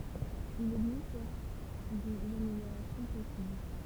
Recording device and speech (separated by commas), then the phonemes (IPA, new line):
temple vibration pickup, read sentence
il ɛɡzist sɛʁt dez ameljoʁasjɔ̃ pɔsibl